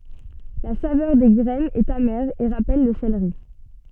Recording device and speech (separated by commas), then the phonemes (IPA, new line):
soft in-ear microphone, read sentence
la savœʁ de ɡʁɛnz ɛt amɛʁ e ʁapɛl lə seleʁi